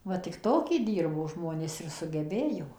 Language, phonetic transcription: Lithuanian, ˈva tik ˈtoki ˈdirbo ˈžmonės ir sugeˈbėjo

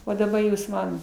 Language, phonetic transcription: Lithuanian, o daˈba ˈjūs ˈman

